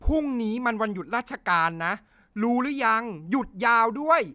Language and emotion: Thai, angry